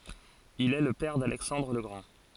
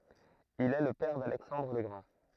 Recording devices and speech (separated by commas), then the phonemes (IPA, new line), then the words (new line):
forehead accelerometer, throat microphone, read sentence
il ɛ lə pɛʁ dalɛksɑ̃dʁ lə ɡʁɑ̃
Il est le père d'Alexandre le Grand.